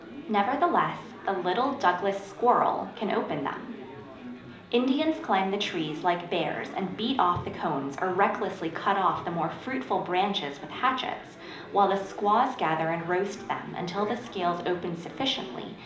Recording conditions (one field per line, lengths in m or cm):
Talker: one person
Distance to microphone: 2.0 m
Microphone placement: close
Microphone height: 99 cm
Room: medium-sized (5.7 m by 4.0 m)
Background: babble